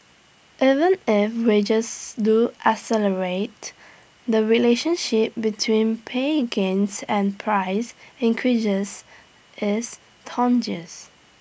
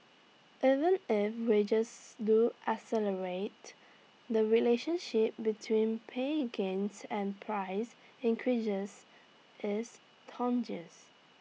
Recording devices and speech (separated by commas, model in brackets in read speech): boundary microphone (BM630), mobile phone (iPhone 6), read sentence